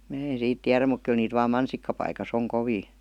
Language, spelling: Finnish, minä en siitä tiedä mutta kyllä niitä vain mansikkapaikassa on kovin
- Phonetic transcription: mää en̬ 'siit 'tiärä muk kyl niit vaam "mansikkapaikas ‿oŋ "kovii .

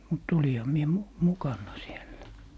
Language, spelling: Finnish, mutta olinhan minä - mukana siellä
- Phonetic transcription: mut 'oliha 'mie mu - "mukanna 'siellä .

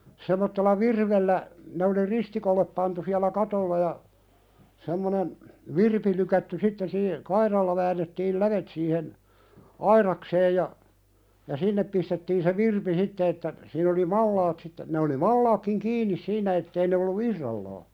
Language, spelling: Finnish, semmoisella virvellä ne oli ristikolle pantu siellä katolla ja semmoinen virpi lykätty sitten - kairalla väännettiin lävet siihen aidakseen ja sinne pistettiin se virpi sitten että siinä oli malat sitten ne oli malatkin kiinni siinä että ei ne ollut irrallaan
- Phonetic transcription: sem̆mottella "virvellä , ne oli "ristikollep pantu siälä 'katolla ja , semmonen , "virpi lykätty 'sitten sii- , "kairalla väännettiil "lävet siihen , "aiðakseej ja , "sinnep pistettiin se "virpi 'sitte että , siin ‿oli 'mallaat sitte , ne oli "mallaakkiŋ 'kiinnis "siinä ettei ne ollu "irrallaa .

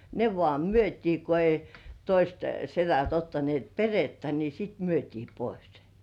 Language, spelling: Finnish, ne vaan myytiin kun ei toiset sedät ottaneet perhettä niin sitten myytiin pois se
- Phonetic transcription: ne vŏà "myöt́ii ko ei 'toist setät 'ottanĭ§èt "perettä ni 'sit "myötii pᴏɪs (sᴇ) .

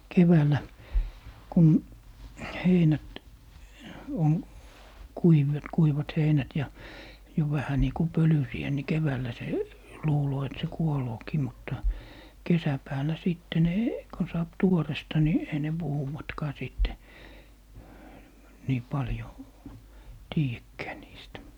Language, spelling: Finnish, keväällä kun heinät on - kuivat heinät ja jo vähän niin kuin pölyisiä niin keväällä se jo luulee että se kuoleekin mutta kesäpäällä sitten ne kun saa tuoretta niin ei ne puhuvatkaan sitten niin paljon tiedäkään niistä
- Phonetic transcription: 'keväälä , 'kun , 'heinät , oŋ , 'kuivet - 'kuivat 'heinät ja , jo 'vähä nii ku "pölysi₍ä ni 'keväällä se , jo 'luuloo et se "kuolookii mutta , "kesäpääl̀ä 'sìtte ne , kon saap "tuoresta ni , ei ne 'puhuwatkaa 'sìtte , 'nii 'paljò , "tiijäkkää niistä .

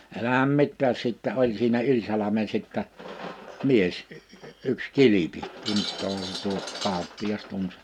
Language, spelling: Finnish, älähän mitään sitten oli siinä yli salmen sitten mies yksi Kilpi tunteehan se tuo kauppias tunsi
- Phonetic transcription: 'elähäm 'mittääs 'sittɛ oĺ siinä "yĺ salame 'sìttä , 'mies , ’yks 'Kilipi 'tunt̆tooha se tuo , 'kàoppi₍as 'tuns .

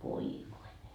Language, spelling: Finnish, voi voi
- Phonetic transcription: voi voi .

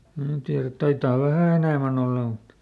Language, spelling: Finnish, minä tiedä taitaa vähän enemmän olla mutta
- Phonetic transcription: ˈmnää tiärät ˈtaitaa "vähä̀ enä̀män ‿olla mut ,.

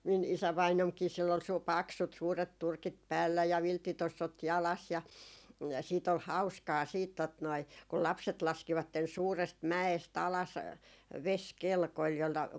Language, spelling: Finnish, minun isävainaanikin sillä oli - paksut suuret turkit päällä ja vilttitossut jalassa ja siitä oli hauskaa sitten tuota noin kun lapset laskivat suuresta mäestä alas vesikelkoilla jollakin
- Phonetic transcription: min 'isävainomkii sill ‿ol suu- , "paksut 'suuret 'turkit päällä ja 'vilttitossot 'jalas ja , siit ‿ol "hau̬skaa siit tot noi , kul 'lapset 'laskivatten 'suurest "mä₍es't ‿alas , "veskelkoⁱl jolla ,.

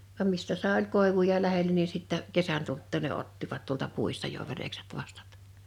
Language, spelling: Finnish, vaan mistä sai oli koivuja lähellä niin sitten kesän tultua ne ottivat tuolta puista jo verekset vastat
- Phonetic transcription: vam 'mistä 'sàe 'oĺ 'kòevuja 'lähelä ni 'sittä , "kesän tulttù ne 'ottivat tuolta 'puista jo 'verekset 'vastᴀt .

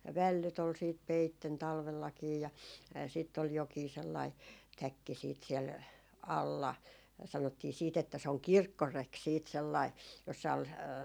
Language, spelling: Finnish, ja vällyt oli sitten peitteenä talvellakin ja sitten oli jokin sellainen täkki sitten siellä alla sanottiin sitten että se on kirkkoreki sitten sellainen jossa oli
- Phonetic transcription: ja "vällyt ‿ol siit "peitten 'talvellakii ja , sìtt ‿ol 'jokii 'sellai , "täkki siit siɛl , "alla , 'sanottii 'siit ‿että se oŋ "kirkkorek 'siit 'sellai , jossa ol ,.

